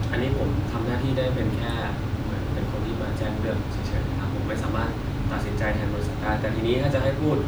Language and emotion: Thai, neutral